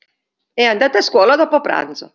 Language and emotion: Italian, neutral